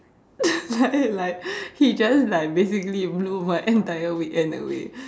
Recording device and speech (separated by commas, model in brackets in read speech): standing microphone, conversation in separate rooms